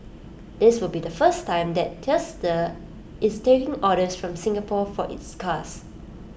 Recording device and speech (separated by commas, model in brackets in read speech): boundary microphone (BM630), read sentence